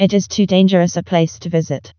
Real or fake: fake